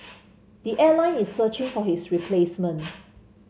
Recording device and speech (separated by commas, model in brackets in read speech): mobile phone (Samsung C7), read sentence